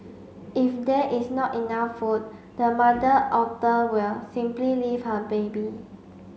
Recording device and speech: mobile phone (Samsung C5), read sentence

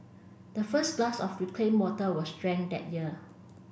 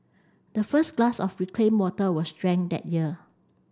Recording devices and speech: boundary microphone (BM630), standing microphone (AKG C214), read sentence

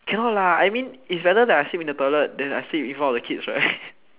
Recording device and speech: telephone, conversation in separate rooms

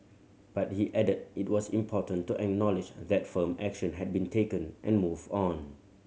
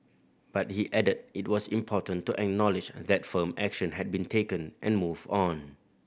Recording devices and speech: mobile phone (Samsung C7100), boundary microphone (BM630), read sentence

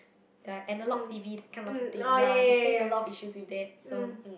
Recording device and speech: boundary microphone, conversation in the same room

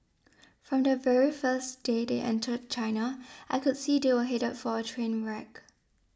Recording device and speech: standing microphone (AKG C214), read sentence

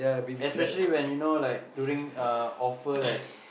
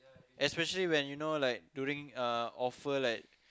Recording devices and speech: boundary microphone, close-talking microphone, conversation in the same room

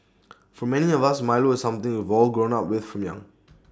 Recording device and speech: standing microphone (AKG C214), read sentence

